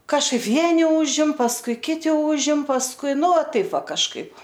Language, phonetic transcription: Lithuanian, kažˈkaip ˈvieni ˈūžim pasˈkui ˈkiti ˈūžim pasˈkui ˈnu ˈva taip ˈva kažˈkaip

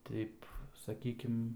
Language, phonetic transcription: Lithuanian, ˈteip saˈkykim

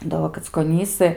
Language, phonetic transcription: Lithuanian, da ˈvo kackoˈnysɨ

